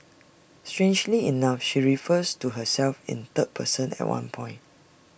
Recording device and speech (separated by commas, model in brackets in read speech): boundary microphone (BM630), read sentence